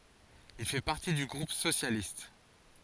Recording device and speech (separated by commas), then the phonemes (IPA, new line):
forehead accelerometer, read sentence
il fɛ paʁti dy ɡʁup sosjalist